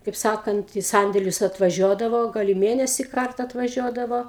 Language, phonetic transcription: Lithuanian, kaip ˈsakant į ˈsandėlius atvaˈžiodavo ˈgal i ˈmėnesį ˈkarta atvaˈžiuodavo

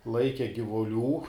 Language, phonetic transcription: Lithuanian, ˈlaike givuˈlių

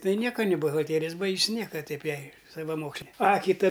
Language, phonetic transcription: Lithuanian, ˈtai ˈnieka niˈ buhalˈterijas ˈbaigs ˈnieka ˈtaip ˈjai savaˈmokslė ˈa kiˈta

